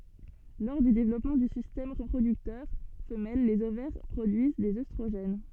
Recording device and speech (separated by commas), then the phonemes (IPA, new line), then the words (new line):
soft in-ear microphone, read sentence
lɔʁ dy devlɔpmɑ̃ dy sistɛm ʁəpʁodyktœʁ fəmɛl lez ovɛʁ pʁodyiz dez østʁoʒɛn
Lors du développement du système reproducteur femelle les ovaires produisent des œstrogènes.